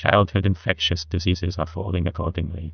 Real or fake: fake